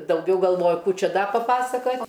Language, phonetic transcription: Lithuanian, dauˈgiau galˈvoju ˈkų ˈčia ˈda paˈpasakat'

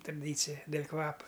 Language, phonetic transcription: Lithuanian, traˈdycija del' ˈkvapa

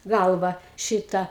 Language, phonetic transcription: Lithuanian, ˈgalva ˈšita

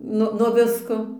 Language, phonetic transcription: Lithuanian, ˈnu nuo ˈvisko

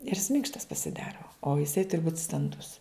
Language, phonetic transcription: Lithuanian, ir jis ˈminkštas pasiˈdaro o jiˈsai ˈturi būt stanˈdus

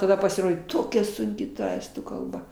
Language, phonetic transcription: Lithuanian, taˈda pasiˈrodė ˈtokia sunˈki ta ˈestų kalˈba

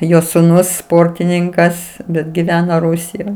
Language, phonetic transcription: Lithuanian, ˈjo suˈnus ˈsportininkas bet giˈvena ˈrusijoj

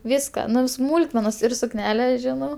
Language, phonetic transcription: Lithuanian, ˈviska ˈnu vi ˈsmūlkmenas ir sukˈnele ˈžinau

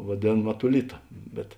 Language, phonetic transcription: Lithuanian, vaˈdėn matuˈlita bet

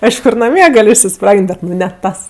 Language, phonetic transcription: Lithuanian, ˈaišku ir naˈmie ˈgal' išsiˈspragin't' ˈbet nu ne ˈtas

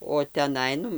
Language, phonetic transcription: Lithuanian, o teˈnai ˈnu

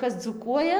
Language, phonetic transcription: Lithuanian, ˈkas dzūˈkuoja

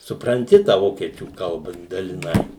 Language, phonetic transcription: Lithuanian, supranˈti tą ˈvokiečių ˈkalba daliˈnai

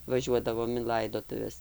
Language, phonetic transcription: Lithuanian, vaˈžiuodavom in ˈlaidotuves

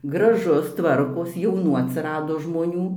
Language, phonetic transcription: Lithuanian, graˈžus ˈtvarkos jauˈnų atsiˈrado žmoˈnių

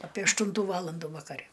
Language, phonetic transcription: Lithuanian, apė ašˈtūntų ˈvalandų vakaˈre

